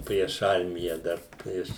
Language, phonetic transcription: Lithuanian, prieš ˈarmija ˈdar prieš

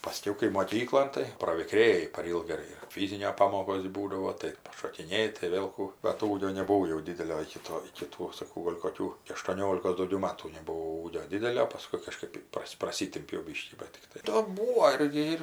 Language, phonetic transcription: Lithuanian, paˈskiau kai moˈkyklon tai praviˈkrėji par ˈylga ir ir ˈfyzinio ˈpamokos' ˈbūdavo tai pašokiˈnėji tai ˈvėl ˈkų bat ˈūgio nebuˈvau jau ˈdidelio iki ˈto iki ˈtų saˈkau ˈgol' koˈkių aštuoˈniolikos dauˈgiau ˈmatų nebuˈvau ūgio ˈdidelio paˈskui kaˈžkɜp ˈpras' praˈsitimpiau ˈbyškį ˈbat ˈtiktai ˈto ˈbūo ˈirgi ir

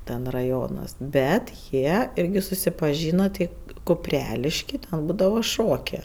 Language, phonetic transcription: Lithuanian, ten raˈjonas ˈbet ˈjie ˈirgi susipaˈžyno ti kuˈprelišky ten ˈbūdavo ˈšokė

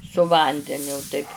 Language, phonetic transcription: Lithuanian, su ˈvandeniu taip

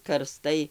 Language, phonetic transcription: Lithuanian, karˈstai

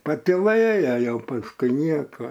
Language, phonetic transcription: Lithuanian, patiˈlɘja ˈjau pasˈkui ˈnieko

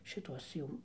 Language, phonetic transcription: Lithuanian, šiˈtuos ˈjų

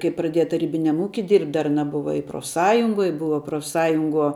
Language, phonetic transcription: Lithuanian, kai praˈdieja taˈrybiniam ˈūki ir dar aˈna ˈbuva i profˈsąjungoj ˈbuva profˈsąjunguo

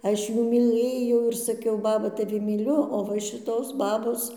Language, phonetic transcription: Lithuanian, ˈaš ˈjų myˈlɘjau ir saˈkiau ˈbaba taˈvi myˈliu o ˈva šiˈtos ˈbabos

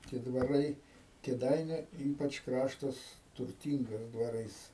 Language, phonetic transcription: Lithuanian, tie dvaˈrai kėˈdainiu ˈypač ˈkraštas turˈtyngas dvaˈrais

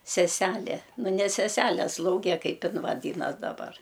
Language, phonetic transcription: Lithuanian, seˈselė nu ne seˈsele ˈslauge ˈkaip ˈin vaˈdynas daˈbar

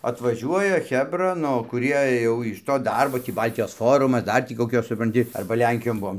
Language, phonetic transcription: Lithuanian, atvaˈžiuoja ˈchebra ˈnu kuˈrie ˈjau iš to ˈdarbo ˈtį ˈbaltijos ˈforumas ˈdar tį koˈkios supranˈti ˈarba ˈlenkijon ˈbuom

